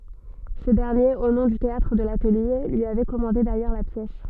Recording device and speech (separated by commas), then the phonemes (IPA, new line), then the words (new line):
soft in-ear microphone, read sentence
sə dɛʁnjeʁ o nɔ̃ dy teatʁ də latəlje lyi avɛ kɔmɑ̃de dajœʁ la pjɛs
Ce dernier, au nom du Théâtre de l'Atelier, lui avait commandé d'ailleurs la pièce.